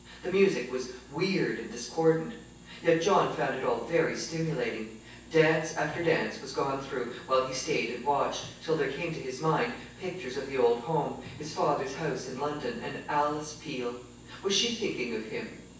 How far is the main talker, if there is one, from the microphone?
9.8 m.